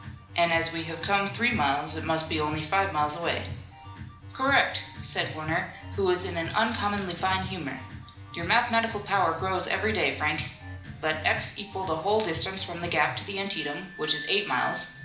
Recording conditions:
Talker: one person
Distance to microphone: 2.0 m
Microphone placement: close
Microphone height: 99 cm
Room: medium-sized (5.7 m by 4.0 m)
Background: music

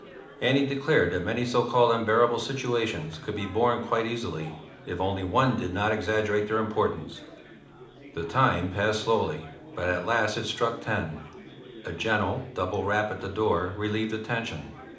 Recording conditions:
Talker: one person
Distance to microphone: 2.0 m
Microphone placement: close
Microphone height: 99 cm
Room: medium-sized (5.7 m by 4.0 m)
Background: babble

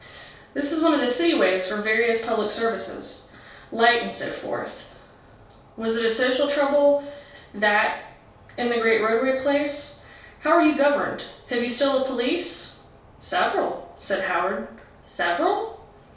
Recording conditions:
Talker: one person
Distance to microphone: 3.0 m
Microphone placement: far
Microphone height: 1.8 m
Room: small (3.7 m by 2.7 m)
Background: none

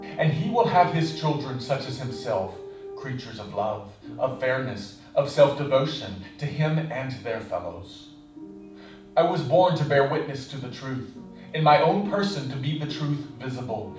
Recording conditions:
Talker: one person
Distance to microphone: 5.8 m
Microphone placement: far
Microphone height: 1.8 m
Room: medium-sized (5.7 m by 4.0 m)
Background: music

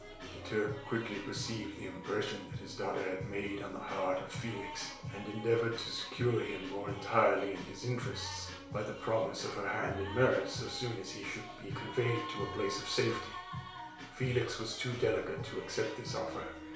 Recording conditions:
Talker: one person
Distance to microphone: 1.0 m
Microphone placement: close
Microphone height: 1.1 m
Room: small (3.7 m by 2.7 m)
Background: music

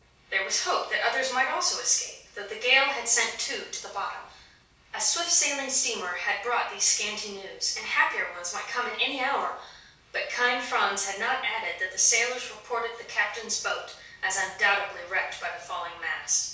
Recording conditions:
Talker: one person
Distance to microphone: 3.0 m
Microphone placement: far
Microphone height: 1.8 m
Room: small (3.7 m by 2.7 m)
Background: none

